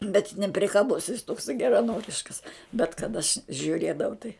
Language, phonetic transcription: Lithuanian, bet neprikaˈbus jis ˈtoksai geraˈnoriškas bet kad aš žiuˈrėdavau tai

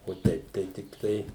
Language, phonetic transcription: Lithuanian, o ˈtaip tai ˈtiktai

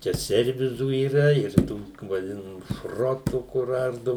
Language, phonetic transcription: Lithuanian, ˈčia ˈservizų yˈra ir ˈtų vaˈdinamų ˈšrotų kur ˈardu

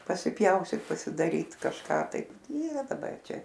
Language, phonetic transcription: Lithuanian, pasiˈpjaustyt pasidaˈryt kažˈką taip ˈyra daˈbar ˈčia

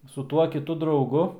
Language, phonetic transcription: Lithuanian, su ˈtuo kiˈtu drauˈgu

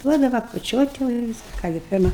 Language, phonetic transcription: Lithuanian, ˈduodava kučiot' jau i ˈvis ˈką gi ˈpirma

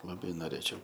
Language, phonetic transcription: Lithuanian, laˈbai noˈrėčiau

